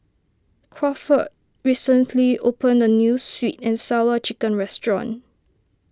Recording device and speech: standing microphone (AKG C214), read sentence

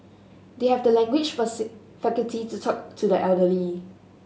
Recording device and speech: mobile phone (Samsung S8), read sentence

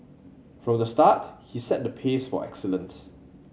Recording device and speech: mobile phone (Samsung C7100), read sentence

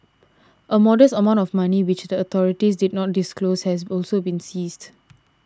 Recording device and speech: standing microphone (AKG C214), read sentence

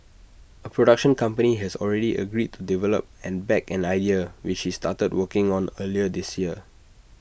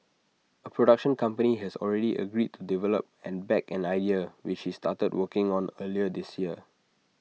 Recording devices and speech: boundary microphone (BM630), mobile phone (iPhone 6), read sentence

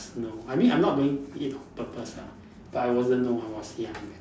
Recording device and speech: standing microphone, conversation in separate rooms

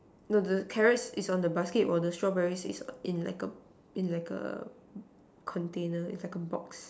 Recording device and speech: standing microphone, conversation in separate rooms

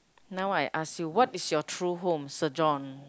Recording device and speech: close-talking microphone, conversation in the same room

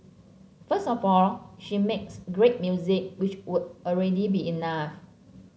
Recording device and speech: mobile phone (Samsung C7), read sentence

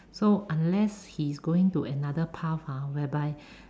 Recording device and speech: standing microphone, conversation in separate rooms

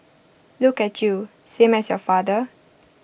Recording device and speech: boundary microphone (BM630), read sentence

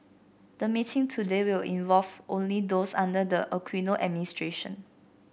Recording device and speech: boundary microphone (BM630), read sentence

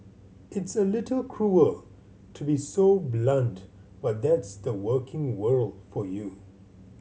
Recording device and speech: mobile phone (Samsung C7100), read sentence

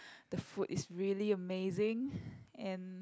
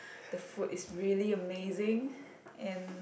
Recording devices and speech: close-talking microphone, boundary microphone, conversation in the same room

